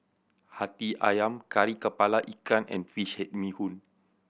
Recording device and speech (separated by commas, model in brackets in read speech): boundary microphone (BM630), read sentence